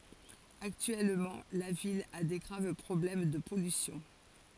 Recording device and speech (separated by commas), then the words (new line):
forehead accelerometer, read sentence
Actuellement, la ville a des graves problèmes de pollution.